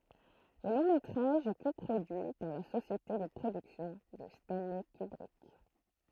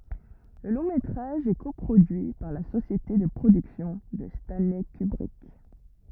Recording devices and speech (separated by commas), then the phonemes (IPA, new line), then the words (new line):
throat microphone, rigid in-ear microphone, read sentence
lə lɔ̃ metʁaʒ ɛ ko pʁodyi paʁ la sosjete də pʁodyksjɔ̃ də stɑ̃lɛ kybʁik
Le long-métrage est co-produit par la société de production de Stanley Kubrick.